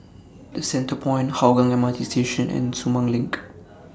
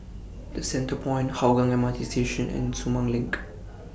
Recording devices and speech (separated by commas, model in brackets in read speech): standing microphone (AKG C214), boundary microphone (BM630), read sentence